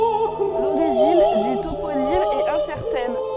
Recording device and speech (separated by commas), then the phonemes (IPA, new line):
soft in-ear microphone, read sentence
loʁiʒin dy toponim ɛt ɛ̃sɛʁtɛn